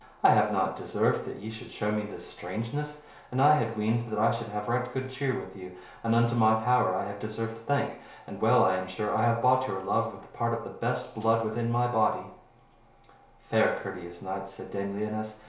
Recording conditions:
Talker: one person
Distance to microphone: 1.0 m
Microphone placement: close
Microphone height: 1.1 m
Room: small (3.7 m by 2.7 m)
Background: none

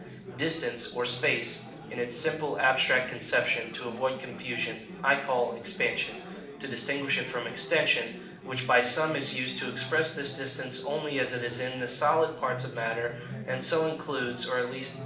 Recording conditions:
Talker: one person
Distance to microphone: 2.0 m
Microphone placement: close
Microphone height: 99 cm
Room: medium-sized (5.7 m by 4.0 m)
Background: babble

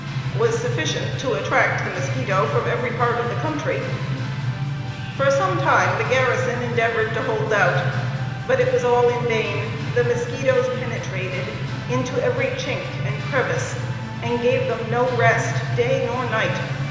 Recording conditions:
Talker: one person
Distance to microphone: 1.7 m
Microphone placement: close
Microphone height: 1.0 m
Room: very reverberant, large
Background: music

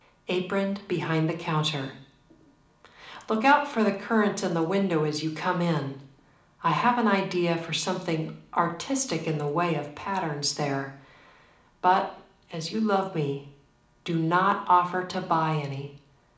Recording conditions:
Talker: one person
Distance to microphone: 2.0 m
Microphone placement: close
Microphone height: 99 cm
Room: medium-sized (5.7 m by 4.0 m)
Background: none

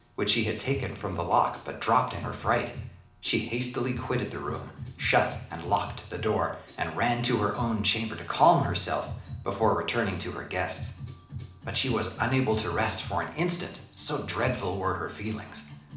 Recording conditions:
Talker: one person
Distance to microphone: 2.0 m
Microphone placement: close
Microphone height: 99 cm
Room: medium-sized (5.7 m by 4.0 m)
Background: music

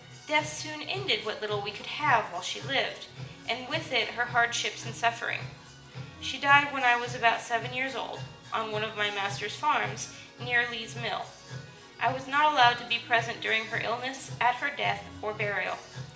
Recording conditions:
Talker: one person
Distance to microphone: 1.8 m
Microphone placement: close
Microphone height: 1.0 m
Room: large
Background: music

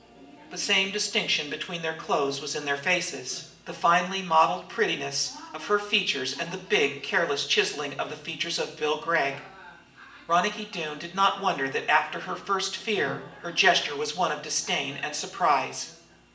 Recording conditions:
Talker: one person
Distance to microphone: 1.8 m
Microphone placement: close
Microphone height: 1.0 m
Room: large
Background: television

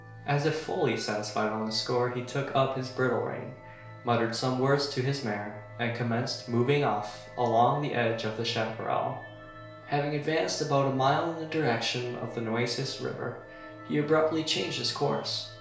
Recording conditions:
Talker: one person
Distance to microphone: 1.0 m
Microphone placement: close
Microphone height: 1.1 m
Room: small (3.7 m by 2.7 m)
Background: music

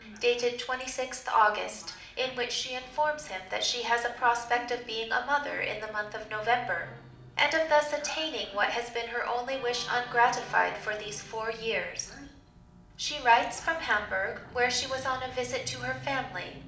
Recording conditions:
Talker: one person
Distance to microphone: 2.0 m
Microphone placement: close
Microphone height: 99 cm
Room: medium-sized (5.7 m by 4.0 m)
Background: television

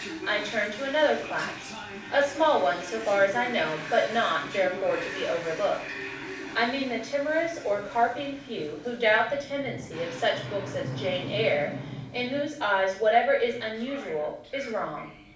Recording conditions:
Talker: one person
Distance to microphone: 5.8 m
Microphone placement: far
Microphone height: 1.8 m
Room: medium-sized (5.7 m by 4.0 m)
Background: television

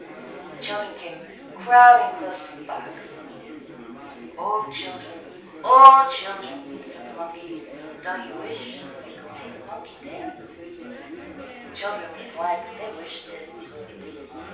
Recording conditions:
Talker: one person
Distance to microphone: 3.0 m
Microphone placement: far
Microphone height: 1.8 m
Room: small (3.7 m by 2.7 m)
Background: babble

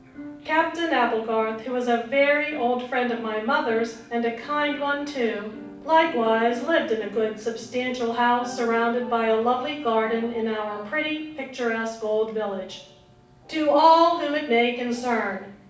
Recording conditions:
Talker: one person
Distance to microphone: 5.8 m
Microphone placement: far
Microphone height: 1.8 m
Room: medium-sized (5.7 m by 4.0 m)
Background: television

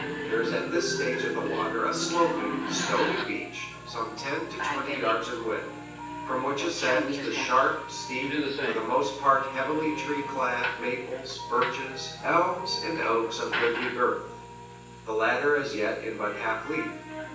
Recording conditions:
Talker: one person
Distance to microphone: 9.8 m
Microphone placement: far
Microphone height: 1.8 m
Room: large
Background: television

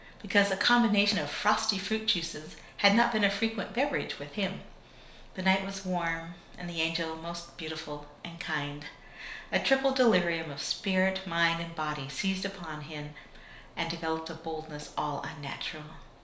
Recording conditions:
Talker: one person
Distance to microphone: 1.0 m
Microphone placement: close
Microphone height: 1.1 m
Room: small (3.7 m by 2.7 m)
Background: none

